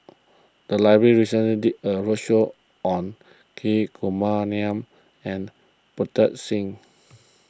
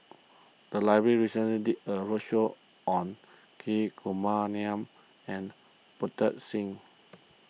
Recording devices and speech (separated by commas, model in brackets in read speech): close-talking microphone (WH20), mobile phone (iPhone 6), read sentence